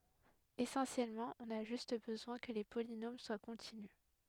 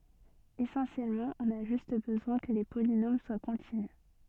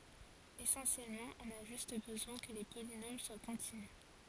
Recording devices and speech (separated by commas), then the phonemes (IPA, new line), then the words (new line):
headset microphone, soft in-ear microphone, forehead accelerometer, read sentence
esɑ̃sjɛlmɑ̃ ɔ̃n a ʒyst bəzwɛ̃ kə le polinom swa kɔ̃tinys
Essentiellement, on a juste besoin que les polynômes soient continus.